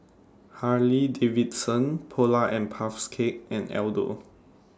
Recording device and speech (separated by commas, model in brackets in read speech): standing microphone (AKG C214), read sentence